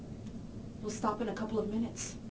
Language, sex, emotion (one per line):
English
female
neutral